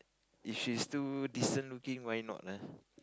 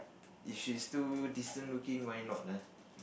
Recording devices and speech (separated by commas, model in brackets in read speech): close-talking microphone, boundary microphone, conversation in the same room